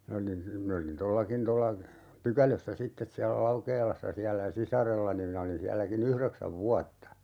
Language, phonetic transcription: Finnish, ('min) ‿olin , 'min ‿olin "tollakin tolla , "Pykälössä 'sittes siällä "Laukeelassa 'siällä "sisarellani minä olin 'siälläki'n ‿yhreksäv "vuatta .
- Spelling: minä olin minä olin tuollakin tuolla Pykälössä sitten siellä Laukeelassa siellä sisarellani minä olin sielläkin yhdeksän vuotta

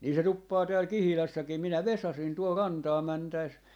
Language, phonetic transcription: Finnish, 'nii se 'tuppaa tääl "Kihilässäkim 'minä "vesasin tuol "rantaa 'mäntä₍es , .
- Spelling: niin se tuppaa täällä Kihilässäkin minä vesasin tuolla rantaan mentäessä

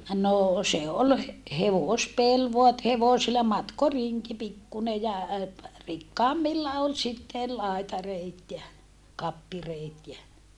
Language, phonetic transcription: Finnish, noo se ol he- , hevòspel voa et hevosilla matkoriŋki pikkune ja , rikkaammilla ol sitte , laitareit ja , kappireet jä ,.
- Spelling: no se oli - hevospeli vain että hevosilla matkorinki pikkuinen ja rikkaammilla oli sitten laitareet ja kappireet ja

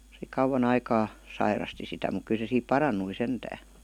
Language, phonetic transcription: Finnish, se "kauwan ‿aikaa , 'sairasti sitä muk 'ky se siip "paran̆nui 'sentää .
- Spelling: se kauan aikaa sairasti sitä mutta kyllä se siitä parantui sentään

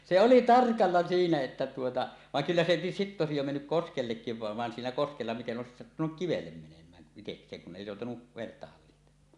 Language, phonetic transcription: Finnish, se 'oli "tarkalla siinä että tuota , vaŋ kyllä se sitte òesij jo mennyk "koskellekkiv 'vàev van 'siinä 'koskella miten 'ˀòesis 'sattunuk "kivellem menem̀ään , iteks̀eeŋ kun ’èi 'jòutanu , venettä 'hallihtem̆maa .
- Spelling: se oli tarkasti siinä että tuota vaan kyllä se sitten olisi jo mennyt koskellekin vain vaan siinä koskella miten olisi sattunut kivelle menemään itsekseen kun ei joutanut venettä hallitsemaan

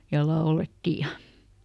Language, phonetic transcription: Finnish, ja "laoletti ja ,.
- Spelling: ja laulettiin ja

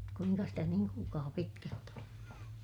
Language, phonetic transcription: Finnish, kuiŋka stä niiŋ kuulkaa pitkält ‿oo̰ ?
- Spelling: kuinka sitä niin kuulkaa pitkälti on

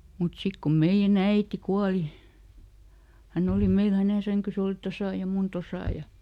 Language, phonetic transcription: Finnish, mut ˈsik ko ˈmeiʲä"n ‿äiti ˈkuali , ˈhänn ‿òli ˈmeil hänè ˈsäŋkys ‿òli "tosà ja ˈmun "tosà ja ,.
- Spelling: mutta sitten kun meidän äiti kuoli hän oli meillä hänen sänkynsä oli tuossa ja minun tuossa ja

